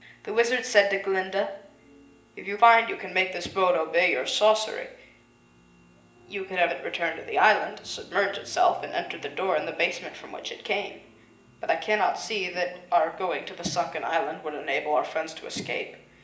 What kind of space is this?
A sizeable room.